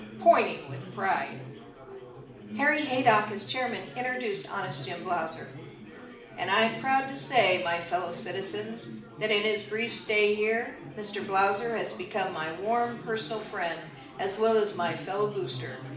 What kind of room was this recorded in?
A medium-sized room.